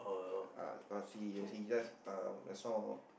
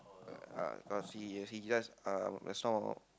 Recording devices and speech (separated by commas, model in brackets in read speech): boundary microphone, close-talking microphone, conversation in the same room